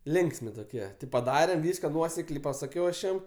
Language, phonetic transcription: Lithuanian, ˈlinksmi toˈkie ti paˈdarem ˈvyska ˈnuosekliai pasaˈkiau aš ˈjam

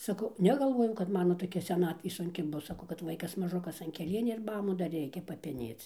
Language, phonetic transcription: Lithuanian, saˈkau negalˈvojau kad ˈmano toˈkia seˈnatvė sunˈki ˈbus saˈkau kad ˈvaikas maˈžukas an keˈlieniu ir ˈmamu dar ˈreikia papeˈnėc

